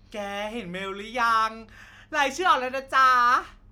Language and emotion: Thai, happy